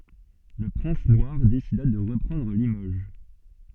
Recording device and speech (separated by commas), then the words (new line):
soft in-ear microphone, read sentence
Le Prince Noir décida de reprendre Limoges.